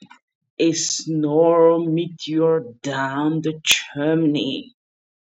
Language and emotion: English, disgusted